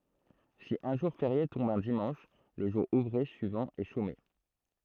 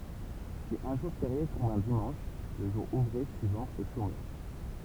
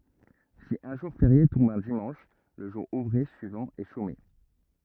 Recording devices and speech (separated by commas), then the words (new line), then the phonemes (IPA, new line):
throat microphone, temple vibration pickup, rigid in-ear microphone, read sentence
Si un jour férié tombe un dimanche, le jour ouvré suivant est chômé.
si œ̃ ʒuʁ feʁje tɔ̃b œ̃ dimɑ̃ʃ lə ʒuʁ uvʁe syivɑ̃ ɛ ʃome